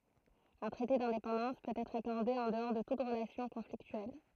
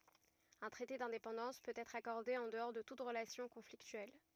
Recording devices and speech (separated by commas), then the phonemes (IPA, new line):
throat microphone, rigid in-ear microphone, read sentence
œ̃ tʁɛte dɛ̃depɑ̃dɑ̃s pøt ɛtʁ akɔʁde ɑ̃ dəɔʁ də tut ʁəlasjɔ̃ kɔ̃fliktyɛl